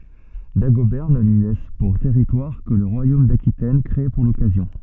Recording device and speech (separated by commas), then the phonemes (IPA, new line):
soft in-ear microphone, read sentence
daɡobɛʁ nə lyi lɛs puʁ tɛʁitwaʁ kə lə ʁwajom dakitɛn kʁee puʁ lɔkazjɔ̃